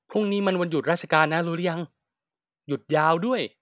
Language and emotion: Thai, happy